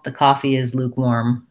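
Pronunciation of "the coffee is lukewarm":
'Lukewarm' is the stressed word in the sentence, and within it a little more stress falls on the second syllable, 'warm'.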